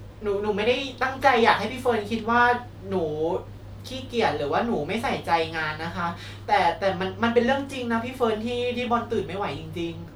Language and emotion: Thai, sad